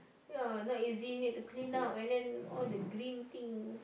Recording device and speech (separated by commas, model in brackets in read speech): boundary microphone, conversation in the same room